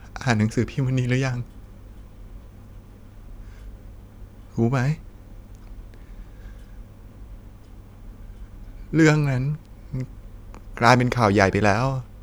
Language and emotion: Thai, sad